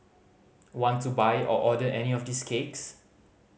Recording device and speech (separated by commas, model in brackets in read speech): mobile phone (Samsung C5010), read sentence